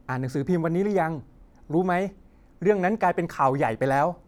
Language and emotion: Thai, happy